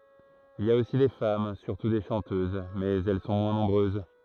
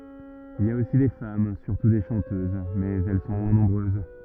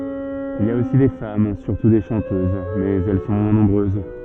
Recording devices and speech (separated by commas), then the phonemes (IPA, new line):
throat microphone, rigid in-ear microphone, soft in-ear microphone, read sentence
il i a osi de fam syʁtu de ʃɑ̃tøz mɛz ɛl sɔ̃ mwɛ̃ nɔ̃bʁøz